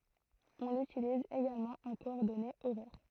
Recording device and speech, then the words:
throat microphone, read sentence
On l’utilise également en coordonnées horaires.

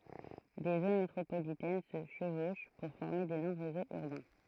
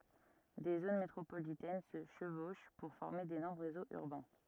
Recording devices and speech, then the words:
throat microphone, rigid in-ear microphone, read sentence
Des zones métropolitaines se chevauchent pour former d'énormes réseaux urbains.

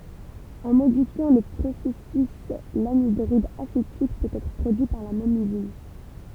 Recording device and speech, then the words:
temple vibration pickup, read sentence
En modifiant le processus, l'anhydride acétique peut être produit par la même usine.

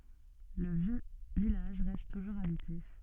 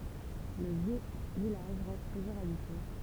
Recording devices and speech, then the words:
soft in-ear microphone, temple vibration pickup, read sentence
Le vieux village reste toujours habité.

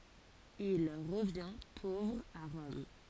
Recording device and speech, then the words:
forehead accelerometer, read sentence
Il revient pauvre à Rome.

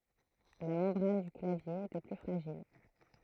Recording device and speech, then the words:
throat microphone, read sentence
La membrane du clavier était plus fragile.

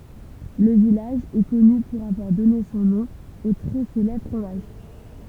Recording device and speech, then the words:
temple vibration pickup, read sentence
Le village est connu pour avoir donné son nom au très célèbre fromage.

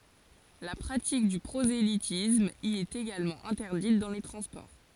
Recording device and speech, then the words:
forehead accelerometer, read sentence
La pratique du prosélytisme y est également interdite dans les transports.

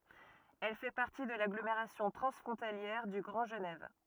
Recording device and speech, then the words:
rigid in-ear microphone, read sentence
Elle fait partie de l'agglomération transfrontalière du Grand Genève.

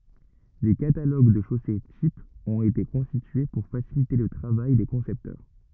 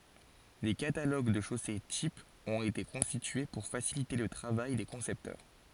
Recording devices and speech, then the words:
rigid in-ear microphone, forehead accelerometer, read sentence
Des catalogues de chaussées types ont été constitués pour faciliter le travail des concepteurs.

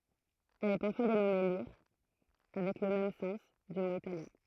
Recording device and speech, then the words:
throat microphone, read sentence
Elle est parfois dénommée lire avec le même sens, du mot italien.

